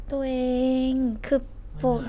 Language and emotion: Thai, happy